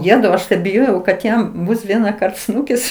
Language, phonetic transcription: Lithuanian, ˈjetau ˈaš tai biˈjojau kad ˈjam ˈbus ˈvienakart ˈsnūkis

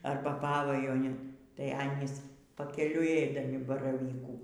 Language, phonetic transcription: Lithuanian, ˈarba ˈpavajuonin tai ˈanys pakeˈliui y ˈeidami baraˈvykų

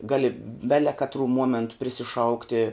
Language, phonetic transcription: Lithuanian, ˈgali ˈbele katˈrū ˈmuomentu prisiˈšaukti

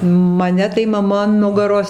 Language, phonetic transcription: Lithuanian, maˈne tai maˈma an ˈnugaros

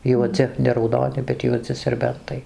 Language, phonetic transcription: Lithuanian, juoˈdzi ne rauˈdoni bet juoˈdzi serˈbentai

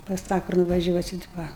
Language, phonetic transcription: Lithuanian, pas ˈtą kur nuvaˈžiuosit va

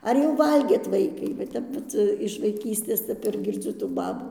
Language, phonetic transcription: Lithuanian, ˈar jau ˈvalgėt ˈvaikai va ˈtep ˈvat iš vaiˈkystės ˈtep ir girˈdziu tų ˈbabų

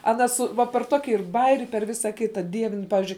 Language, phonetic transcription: Lithuanian, aˈna su ˈva per ˈtoki ir ˈbajeri per ˈvisa ˈkita ˈdievin ˈpavizdžiui

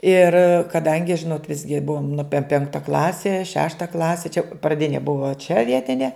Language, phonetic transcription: Lithuanian, ir kaˈdangi ˈžinot ˈvisgi ˈbuvom nu pe ˈpenkta ˈklasi ˈšešta ˈklasi čia praˈdini ˈbuva čia ˈvietine

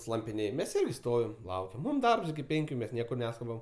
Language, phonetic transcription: Lithuanian, slampiˈnėj mes ˈirgi ˈstovim ˈlaukiam ˈmūm ˈdarbs iki ˈpenkiu ˈmes ˈniekur ˈneskubam

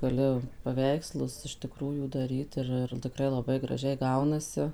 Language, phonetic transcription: Lithuanian, gaˈliu paˈveikslus iš tiˈkrųjų daˈryt ˈir ir tiˈkrai laˈbai graˈžiai ˈgaunasi

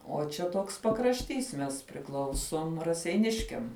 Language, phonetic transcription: Lithuanian, o čia ˈtoks pakrašˈtys mes priˈklausom raseiˈniškiam

